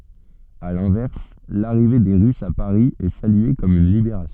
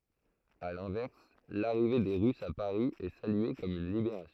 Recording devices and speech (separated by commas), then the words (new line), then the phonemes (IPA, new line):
soft in-ear microphone, throat microphone, read sentence
À l'inverse, l'arrivée des Russes à Paris est saluée comme une libération.
a lɛ̃vɛʁs laʁive de ʁysz a paʁi ɛ salye kɔm yn libeʁasjɔ̃